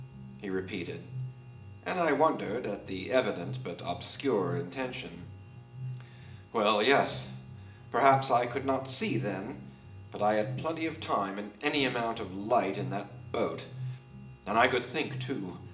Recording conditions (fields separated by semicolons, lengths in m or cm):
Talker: one person; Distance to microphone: 1.8 m; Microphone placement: close; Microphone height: 1.0 m; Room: large; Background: music